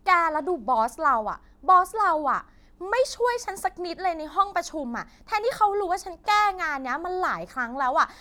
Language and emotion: Thai, frustrated